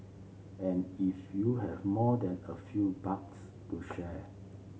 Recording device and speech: mobile phone (Samsung C7), read sentence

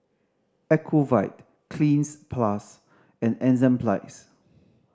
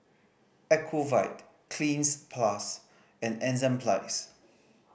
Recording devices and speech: standing microphone (AKG C214), boundary microphone (BM630), read sentence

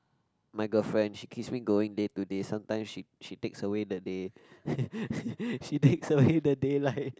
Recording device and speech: close-talking microphone, conversation in the same room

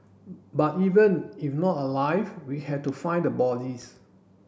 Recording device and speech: boundary microphone (BM630), read sentence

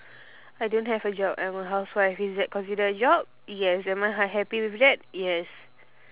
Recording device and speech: telephone, conversation in separate rooms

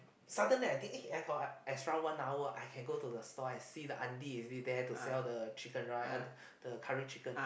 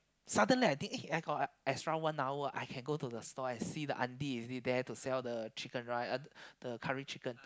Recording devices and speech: boundary microphone, close-talking microphone, conversation in the same room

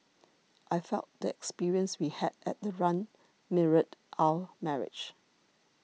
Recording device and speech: mobile phone (iPhone 6), read sentence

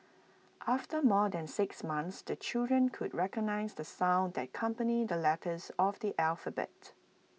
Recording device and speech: mobile phone (iPhone 6), read sentence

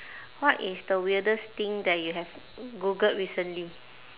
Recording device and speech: telephone, conversation in separate rooms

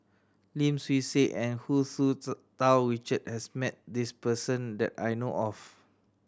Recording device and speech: standing microphone (AKG C214), read sentence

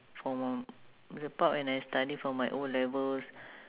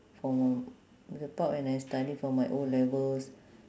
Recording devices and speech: telephone, standing microphone, conversation in separate rooms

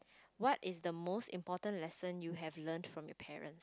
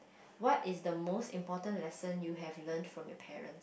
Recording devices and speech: close-talking microphone, boundary microphone, conversation in the same room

